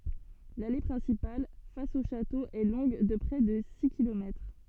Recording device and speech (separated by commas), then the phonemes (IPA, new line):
soft in-ear microphone, read sentence
lale pʁɛ̃sipal fas o ʃato ɛ lɔ̃ɡ də pʁɛ də si kilomɛtʁ